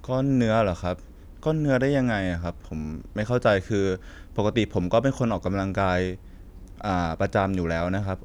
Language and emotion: Thai, neutral